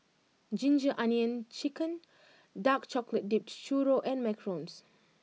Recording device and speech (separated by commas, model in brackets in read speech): mobile phone (iPhone 6), read sentence